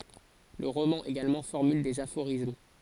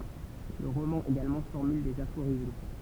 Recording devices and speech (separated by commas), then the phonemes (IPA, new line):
forehead accelerometer, temple vibration pickup, read sentence
lə ʁomɑ̃ eɡalmɑ̃ fɔʁmyl dez afoʁism